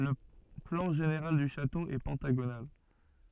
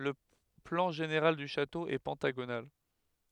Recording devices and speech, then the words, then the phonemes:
soft in-ear microphone, headset microphone, read sentence
Le plan général du château est pentagonal.
lə plɑ̃ ʒeneʁal dy ʃato ɛ pɑ̃taɡonal

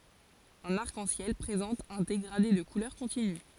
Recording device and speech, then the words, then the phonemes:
forehead accelerometer, read sentence
Un arc-en-ciel présente un dégradé de couleurs continu.
œ̃n aʁk ɑ̃ sjɛl pʁezɑ̃t œ̃ deɡʁade də kulœʁ kɔ̃tiny

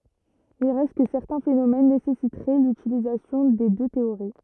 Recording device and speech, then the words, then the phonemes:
rigid in-ear microphone, read sentence
Il reste que certains phénomènes nécessiteraient l'utilisation des deux théories.
il ʁɛst kə sɛʁtɛ̃ fenomɛn nesɛsitʁɛ lytilizasjɔ̃ de dø teoʁi

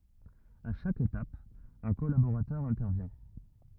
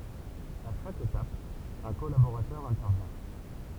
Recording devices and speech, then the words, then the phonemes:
rigid in-ear microphone, temple vibration pickup, read sentence
À chaque étape, un collaborateur intervient.
a ʃak etap œ̃ kɔlaboʁatœʁ ɛ̃tɛʁvjɛ̃

